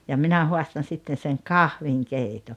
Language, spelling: Finnish, ja minä haastan sitten sen kahvinkeiton
- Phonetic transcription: ja 'minä 'hoastan̬ 'sitten̬ seŋ "kahviŋ'keito .

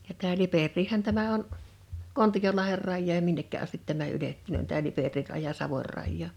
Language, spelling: Finnish, ja tämä Liperiähän tämä on Kontiolahden rajaan ja minnekä asti tämä ylettynee tämä Liperin raja Savon rajaan
- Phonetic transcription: ja tää 'Liperrii"hän tämä on , "Kontijolaher 'rajjaaj ja 'minnekkä astit tämä 'ylettunö̀n tää 'Liperir raja 'Savor rajjaa .

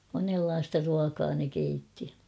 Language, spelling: Finnish, monenlaista ruokaa ne keitti
- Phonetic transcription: 'monellaasta ruakaa ne 'keitti .

